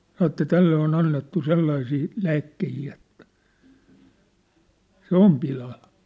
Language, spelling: Finnish, sanoi että tälle on annettu sellaisia lääkkeitä että se on pilalla
- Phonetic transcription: sanŏ ĕttä » 'tälle on 'annettu 'sellaisii , 'lääkkehii Et , 'se ‿om 'pilal . «

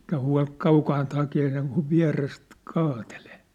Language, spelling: Finnish, eikä huoli kaukaa hakea sen kuin vierestä kaatelee
- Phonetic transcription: ᵉⁱkä hua̭l 'kaukaant hakee seŋkuv 'viä̭rest , kaatelee .

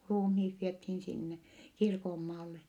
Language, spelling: Finnish, ruumiit vietiin sinne kirkonmaalle
- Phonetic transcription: ruumhiit viethiin sinne , kirkommaalle .

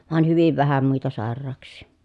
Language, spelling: Finnish, vain hyvin vähän muita sairauksia
- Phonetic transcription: vàen hyviv vähä muita sàer̆raaks̆sì .

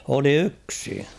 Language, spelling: Finnish, oli yksi
- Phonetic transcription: oli "yksi .

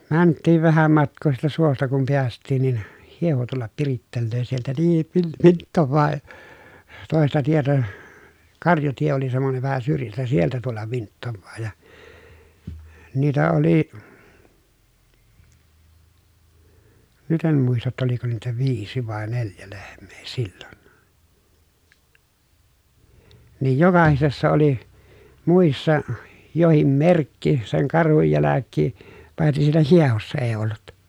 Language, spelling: Finnish, vaan mentiin vähän matkaa siitä suosta kun päästiin niin hieho tulla pirittelee sieltä niin - vinttaa toista tietä karjatie oli semmoinen vähän syrjästä sieltä tulla vinttaa ja niitä oli nyt en muista jotta oliko niitä viisi vai neljä lehmää silloin niin jokaisessa oli muissa jokin merkki sen karhun jälkeen paitsi siinä hiehossa ei ollut
- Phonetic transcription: van , mänttiiv vähäm matk̆koo siitä suosta kum piäst̆tiin nin , hieho tullap pirittellöö sieltä niin vil- vinttovvaa , tòesta tietä , karjatie oli semmonev vähä syrjästä sieltä tullav vinttovvaa ja , niitä oli , nyt ‿em muista ‿tta oliko niitä viisi vàe neljä lehm̆mEE sILLON , niij jokahisessa oli , mùissa , johim merkki seŋ karhuj jäläkkii , paitsis siinä hiehossa ee ollut .

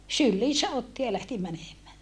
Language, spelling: Finnish, syliinsä otti ja lähti menemään
- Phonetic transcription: sylliisä otti ja lähti mänemää .

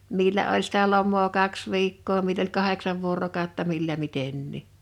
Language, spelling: Finnish, millä oli sitä lomaa kaksi viikkoa millä oli kahdeksan vuorokautta millä mitenkin
- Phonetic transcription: 'millä oĺ sitä 'lom̆moo 'kaks 'viikkoo mill ‿oĺ "kaheksav vuorokàotta 'millä 'mitennì .

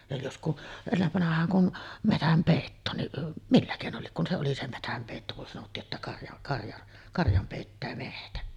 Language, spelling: Finnish, ja jos kun ennen vanhaan kun metsänpeittoonkin millä keinolla lie kun se oli se metsänpeitto kun sanottiin että karja karja karjan peittää metsä
- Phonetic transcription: ja jos ku , 'ennevvanah̆haaŋ kun , 'metämpèittoonniˀ , "millä kèinol 'liek kun se oli se 'metämpèitto kun sanottii’ ’että 'karja’ , 'karjaˀ , 'karjam pèittää "mehtä .

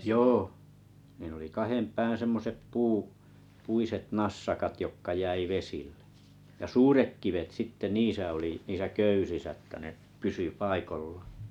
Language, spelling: Finnish, joo ne oli kahden pään semmoiset - puiset nassakat jotka jäi vesille ja suuret kivet sitten niissä oli niissä köysissä että ne pysyi paikoillaan
- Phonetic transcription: jooh , ne oli 'kahem 'pään̬ semmosep puu- , 'puiset 'nassakat jokka 'jäi 'vesĭʟʟᴇ , ja suurek 'kivet sitte 'niisä oli , 'niisä 'köysisä ᵊttä ne , 'pysy 'paikollᴀᴀ .

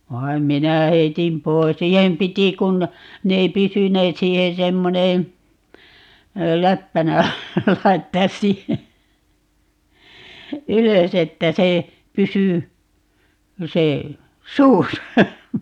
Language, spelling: Finnish, vaan minä heitin pois siihen piti kun ne ei pysyneet siihen semmoinen läppänä laittaa siihen ylös että se pysyi se suussa
- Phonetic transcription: 'vai̮m "minä 'heitim 'pois - "siihem 'piti 'kun , 'ne ei "pysyneet - 'siihen 'semmoneè , "läppänä , 'laittaas 'siihe , "ylös ‿että 'se , 'pysy , 'se , "suusa .

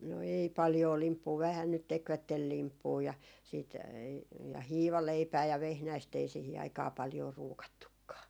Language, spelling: Finnish, no ei paljoa limppua vähän nyt tekivät limppua ja sitten ja hiivaleipää ja vehnäistä ei siihen aikaa paljoa ruukattukaan
- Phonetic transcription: no 'ei paljoo "limppuu vähän nyt 'tekvättel "limppuu ja , siit , ja "hiivaleipää ja "vehnäist ‿ei 'sihi aikaa 'paljoo 'ruukattukkaa .

